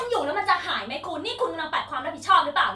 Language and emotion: Thai, angry